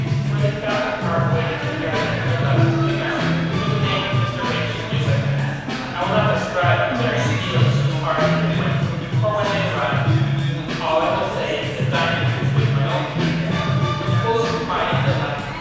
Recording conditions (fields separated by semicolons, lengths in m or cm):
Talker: one person; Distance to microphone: 7.1 m; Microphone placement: far; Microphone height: 1.7 m; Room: very reverberant, large; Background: music